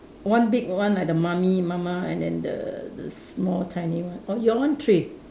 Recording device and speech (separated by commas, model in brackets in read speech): standing microphone, conversation in separate rooms